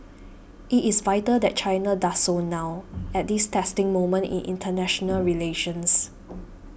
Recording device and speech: boundary microphone (BM630), read sentence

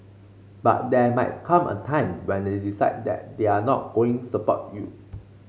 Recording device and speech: mobile phone (Samsung C5), read sentence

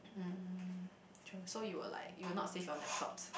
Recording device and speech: boundary microphone, conversation in the same room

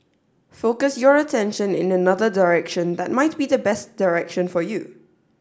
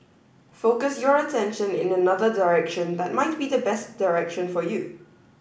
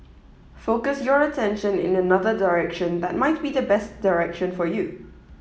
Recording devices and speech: standing microphone (AKG C214), boundary microphone (BM630), mobile phone (iPhone 7), read sentence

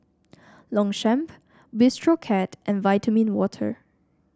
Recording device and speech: standing microphone (AKG C214), read sentence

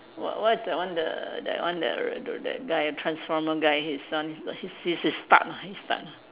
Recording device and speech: telephone, conversation in separate rooms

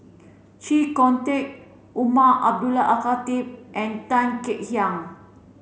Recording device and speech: mobile phone (Samsung C7), read sentence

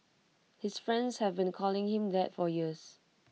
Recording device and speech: mobile phone (iPhone 6), read sentence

